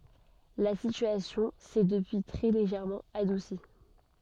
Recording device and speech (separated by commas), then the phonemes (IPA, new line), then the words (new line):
soft in-ear microphone, read sentence
la sityasjɔ̃ sɛ dəpyi tʁɛ leʒɛʁmɑ̃ adusi
La situation s'est depuis très légèrement adoucie.